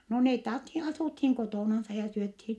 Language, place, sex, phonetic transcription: Finnish, Vittanki, female, no net (authi) asùthiŋ kotònansa ja syöthi .
- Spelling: no ne - asuttiin kotonansa ja syötiin

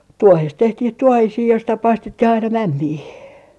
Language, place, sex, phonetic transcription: Finnish, Artjärvi, female, "tuohest 'tehtih 'tuohisii joista 'paistet - ti'h ‿aina "mämmii .
- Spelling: tuohesta tehtiin tuohisia joista - paistettiin aina mämmiä

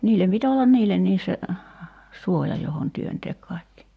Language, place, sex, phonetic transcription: Finnish, Kerimäki, female, 'niillem pit ‿ollan "niillenniis se , 'suoja johon 'työnteek kài̬kki .
- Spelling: niille piti olla niillekin se suoja johon työntää kaikki

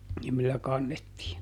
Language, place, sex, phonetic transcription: Finnish, Juupajoki, male, (ni) millä ˈkannettii .
- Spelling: niin millä kannettiin

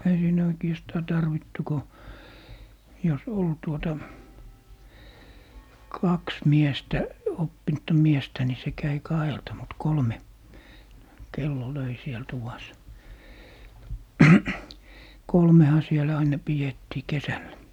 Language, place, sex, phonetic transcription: Finnish, Lappee, male, 'ei siinä 'oikiɛstaa "tarvittu ko , jos 'ol 'tuota , "kaks 'miestä , 'oppinᵘtta "miestä ni se 'käi "kahelta mut 'kolme , "kello 'löi 'siel 'tuvas , 'kolmeha sielä aina 'pijettii "kesällä .
- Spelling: ei siinä oikeastaan tarvittu kun jos oli tuota kaksi miestä oppinutta miestä niin se kävi kahdelta mutta kolme kello löi siellä tuvassa kolmehan siellä aina pidettiin kesällä

